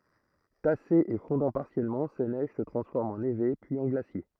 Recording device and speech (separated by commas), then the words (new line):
throat microphone, read sentence
Tassées et fondant partiellement, ces neiges se transforment en névés puis en glaciers.